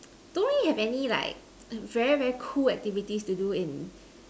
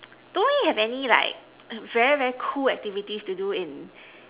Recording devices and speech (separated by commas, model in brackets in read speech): standing microphone, telephone, conversation in separate rooms